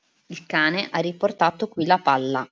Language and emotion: Italian, neutral